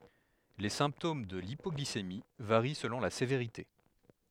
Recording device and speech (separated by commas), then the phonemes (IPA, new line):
headset microphone, read sentence
le sɛ̃ptom də lipɔɡlisemi vaʁi səlɔ̃ la seveʁite